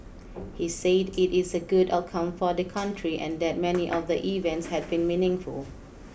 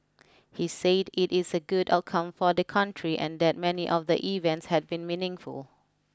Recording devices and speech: boundary microphone (BM630), close-talking microphone (WH20), read sentence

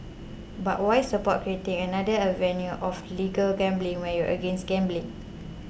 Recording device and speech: boundary microphone (BM630), read sentence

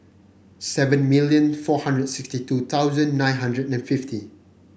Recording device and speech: boundary microphone (BM630), read sentence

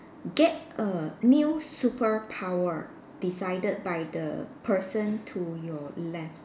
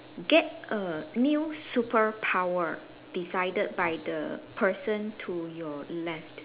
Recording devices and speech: standing microphone, telephone, conversation in separate rooms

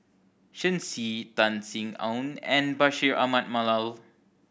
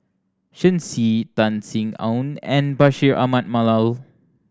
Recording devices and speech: boundary microphone (BM630), standing microphone (AKG C214), read sentence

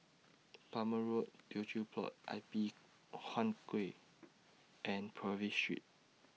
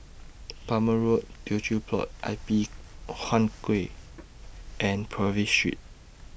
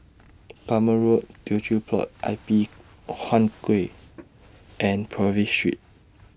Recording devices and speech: mobile phone (iPhone 6), boundary microphone (BM630), standing microphone (AKG C214), read sentence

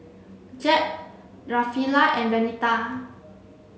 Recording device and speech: mobile phone (Samsung C7), read sentence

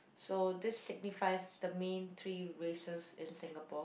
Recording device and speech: boundary microphone, conversation in the same room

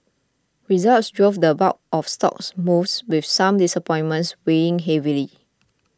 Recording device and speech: close-talking microphone (WH20), read sentence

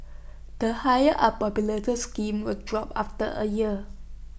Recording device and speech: boundary microphone (BM630), read sentence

